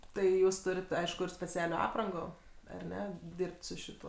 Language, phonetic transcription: Lithuanian, tai ˈjūs ˈturit ˈaišku ir speˈcialio ˈaprango ar ˈne ˈdirbt su šiˈtuo

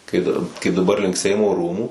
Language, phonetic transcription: Lithuanian, kai dar kaip daˈbar link ˈseimo ˈrūmų

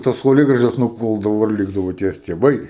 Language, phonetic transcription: Lithuanian, tas sauˈlėgražas nuˈkuldavo ir ˈlikdavo tie stieˈbai

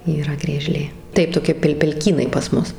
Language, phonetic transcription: Lithuanian, yˈra grieˈžlė ˈtai toˈki pel' pelˈkynai pas ˈmus

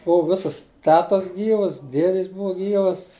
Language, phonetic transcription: Lithuanian, ˈbuvu ˈvisas ˈtetas ˈgyvas ˈdiedis ˈbuva ˈgyvas

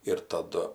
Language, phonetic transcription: Lithuanian, ir taˈdu

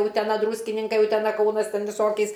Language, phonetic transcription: Lithuanian, uteˈna ˈdrūskininkai uteˈna ˈkaunas ˈten viˈsokiais

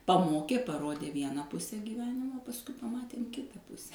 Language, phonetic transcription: Lithuanian, paˈmokė paˈrodė ˈviena ˈpuse gyˈvenimo pasˈkui paˈmatėm ˈkita ˈpuse

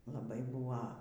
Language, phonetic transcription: Lithuanian, laˈbai ˈbūva

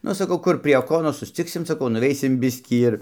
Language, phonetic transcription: Lithuanian, ˈnu saˈkau ˈkur prie ˈokonos susˈciksim saˈkau nuˈveisim ˈbiskį ir

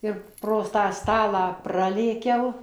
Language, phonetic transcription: Lithuanian, ˈir pro tą ˈstalą ˈpralėkiau

